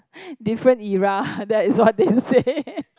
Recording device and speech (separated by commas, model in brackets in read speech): close-talking microphone, conversation in the same room